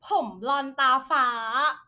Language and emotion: Thai, happy